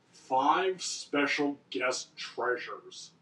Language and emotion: English, disgusted